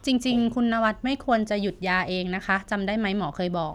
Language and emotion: Thai, neutral